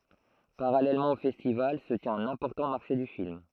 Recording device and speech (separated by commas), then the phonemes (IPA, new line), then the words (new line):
throat microphone, read sentence
paʁalɛlmɑ̃ o fɛstival sə tjɛ̃t œ̃n ɛ̃pɔʁtɑ̃ maʁʃe dy film
Parallèlement au festival, se tient un important marché du film.